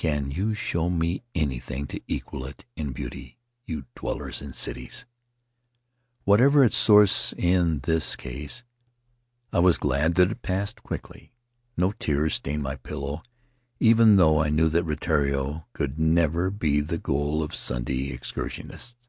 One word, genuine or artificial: genuine